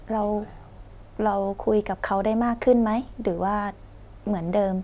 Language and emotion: Thai, neutral